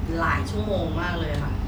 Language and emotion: Thai, frustrated